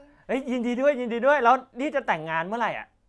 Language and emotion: Thai, happy